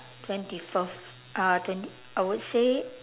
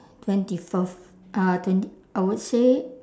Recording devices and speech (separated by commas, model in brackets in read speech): telephone, standing microphone, conversation in separate rooms